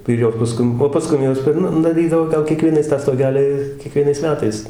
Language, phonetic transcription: Lithuanian, ir ˈjos paˈskum o paˈskum ˈjos per ˈnu daˈrydavo ˈgal kieˈkvienais tą stoˈgeli kieˈkvienais ˈmetais

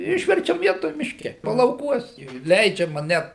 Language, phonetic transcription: Lithuanian, ˈišverčiam ˈvietoj mišˈke palauˈkuos jau ˈleidžiama ˈnet

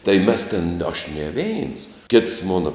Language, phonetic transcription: Lithuanian, tai mes tėn aš ne ˈveins kits ˈmona

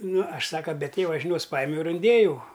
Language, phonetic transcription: Lithuanian, ˈnu ˈaš ˈsaka be ˈtėva žiˈnios ˈpajimiau ir inˈdėjau

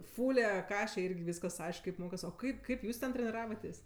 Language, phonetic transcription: Lithuanian, ˈfule ˈkaše ˈirgi ˈvyskas ˈaišk kaip ˈmokas o ˈkaip ˈkaip ˈjūs ten treniˈravatės'

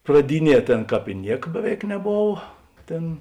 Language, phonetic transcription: Lithuanian, praˈdiˌnie ˈtėn ˈkāp i ˈniek ˈbeˌveik neˈbova ˈtėn

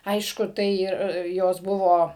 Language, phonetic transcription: Lithuanian, ˈaišku ˈtai ir ˈjos ˈbuvo

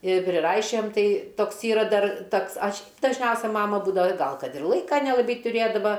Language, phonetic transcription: Lithuanian, ir priˈraišiojam ˈtai ˈtoks ˈyra ˈdar ˈtoks ˈaš' dažˈniausia ˈmama ˈbūdava ˈgal ˈkad ir ˈlaika nelaˈbai tuˈrėdava

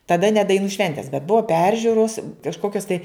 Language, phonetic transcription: Lithuanian, taˈda ne daiˈnų ˈšventes bet ˈbuva ˈperžiūros kažˈkokios tai

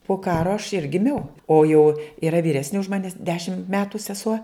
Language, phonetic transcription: Lithuanian, po ˈkaro aš ir giˈmiau ˈo jau yˈra vyˈresni už ˈmanis ˈdešim ˈmetu seˈsuo

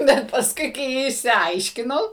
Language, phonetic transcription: Lithuanian, ˈbet pasˈkui kai išsiˈaiškinau

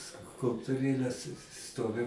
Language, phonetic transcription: Lithuanian, skulptuˈrėles ˈstovi

